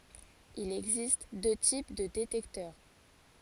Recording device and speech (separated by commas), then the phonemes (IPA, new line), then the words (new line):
forehead accelerometer, read sentence
il ɛɡzist dø tip də detɛktœʁ
Il existe deux types de détecteur.